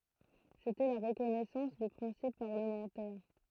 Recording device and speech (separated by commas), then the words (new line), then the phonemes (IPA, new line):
throat microphone, read sentence
C'était la reconnaissance du principe parlementaire.
setɛ la ʁəkɔnɛsɑ̃s dy pʁɛ̃sip paʁləmɑ̃tɛʁ